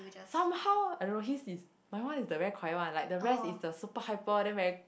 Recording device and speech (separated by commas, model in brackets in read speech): boundary microphone, conversation in the same room